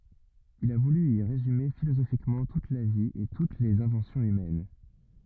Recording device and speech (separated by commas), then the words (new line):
rigid in-ear microphone, read sentence
Il a voulu y résumer philosophiquement toute la vie et toutes les inventions humaines.